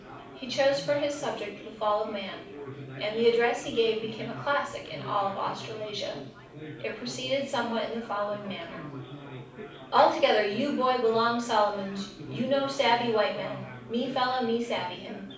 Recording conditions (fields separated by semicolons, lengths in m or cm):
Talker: one person; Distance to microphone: 5.8 m; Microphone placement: far; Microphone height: 1.8 m; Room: medium-sized (5.7 m by 4.0 m); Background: babble